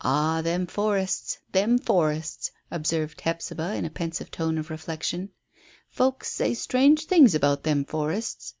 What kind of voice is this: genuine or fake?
genuine